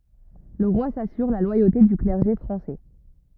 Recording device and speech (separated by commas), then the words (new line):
rigid in-ear microphone, read sentence
Le roi s'assure la loyauté du clergé français.